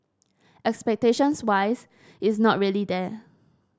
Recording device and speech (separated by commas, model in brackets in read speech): standing microphone (AKG C214), read sentence